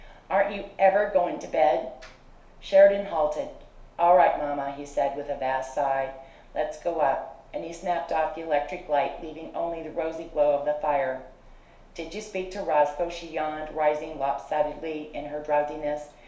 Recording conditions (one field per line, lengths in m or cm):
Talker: one person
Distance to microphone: 1.0 m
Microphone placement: close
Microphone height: 1.1 m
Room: small (3.7 m by 2.7 m)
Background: none